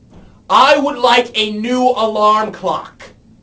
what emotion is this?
angry